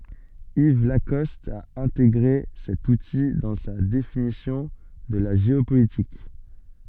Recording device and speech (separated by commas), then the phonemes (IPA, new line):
soft in-ear microphone, read sentence
iv lakɔst a ɛ̃teɡʁe sɛt uti dɑ̃ sa definisjɔ̃ də la ʒeopolitik